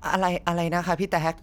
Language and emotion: Thai, sad